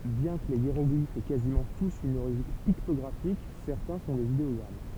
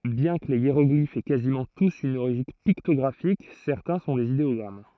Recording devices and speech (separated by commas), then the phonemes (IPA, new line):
temple vibration pickup, throat microphone, read sentence
bjɛ̃ kə le jeʁɔɡlifz ɛ kazimɑ̃ tus yn oʁiʒin piktɔɡʁafik sɛʁtɛ̃ sɔ̃ dez ideɔɡʁam